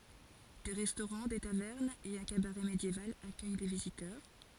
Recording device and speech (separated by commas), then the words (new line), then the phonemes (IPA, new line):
forehead accelerometer, read sentence
Des restaurants, des tavernes et un cabaret médiéval accueillent les visiteurs.
de ʁɛstoʁɑ̃ de tavɛʁnz e œ̃ kabaʁɛ medjeval akœj le vizitœʁ